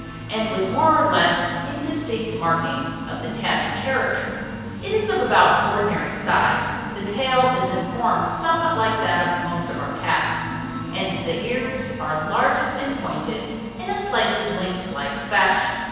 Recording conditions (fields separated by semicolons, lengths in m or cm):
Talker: one person; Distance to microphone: 7.1 m; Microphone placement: far; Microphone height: 1.7 m; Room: very reverberant, large; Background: music